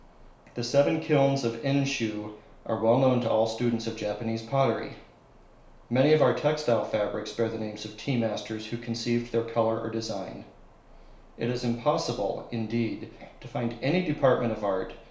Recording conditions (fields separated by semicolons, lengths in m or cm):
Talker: one person; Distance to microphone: 1.0 m; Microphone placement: close; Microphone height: 1.1 m; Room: small (3.7 m by 2.7 m); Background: none